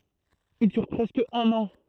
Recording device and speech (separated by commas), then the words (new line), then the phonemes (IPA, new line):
throat microphone, read sentence
Il dure presque un an.
il dyʁ pʁɛskə œ̃n ɑ̃